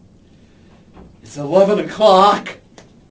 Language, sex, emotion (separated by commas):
English, male, fearful